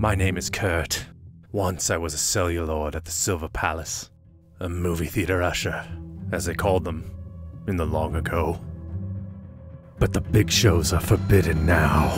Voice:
in a gravelly voice-over